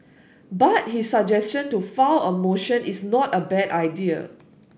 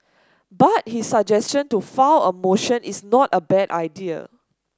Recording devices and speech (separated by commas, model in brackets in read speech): boundary microphone (BM630), standing microphone (AKG C214), read sentence